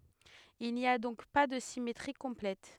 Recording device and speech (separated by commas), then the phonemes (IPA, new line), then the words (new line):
headset microphone, read sentence
il ni a dɔ̃k pa də simetʁi kɔ̃plɛt
Il n’y a donc pas de symétrie complète.